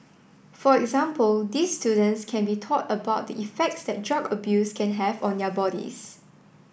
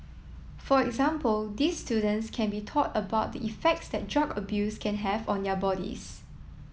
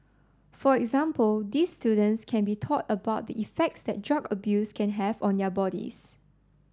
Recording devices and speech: boundary microphone (BM630), mobile phone (iPhone 7), standing microphone (AKG C214), read sentence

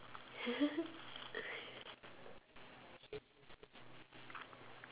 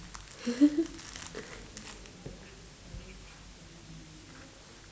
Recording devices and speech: telephone, standing microphone, conversation in separate rooms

